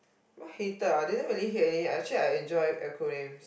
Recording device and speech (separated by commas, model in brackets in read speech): boundary microphone, conversation in the same room